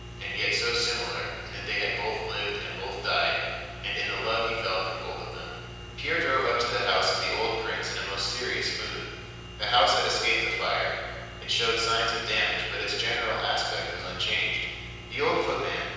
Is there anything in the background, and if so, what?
Nothing.